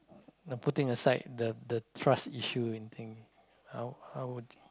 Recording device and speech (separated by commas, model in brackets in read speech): close-talking microphone, conversation in the same room